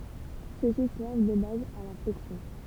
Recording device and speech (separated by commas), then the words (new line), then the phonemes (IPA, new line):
temple vibration pickup, read sentence
Ceux-ci servent de base à la flexion.
søksi sɛʁv də baz a la flɛksjɔ̃